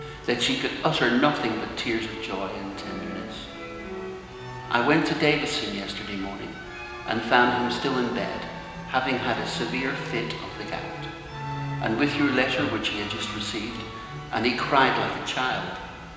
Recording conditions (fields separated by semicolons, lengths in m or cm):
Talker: one person; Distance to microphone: 1.7 m; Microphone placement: close; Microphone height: 1.0 m; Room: very reverberant, large; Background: music